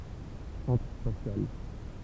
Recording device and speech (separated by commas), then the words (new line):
temple vibration pickup, read sentence
Centre spatial.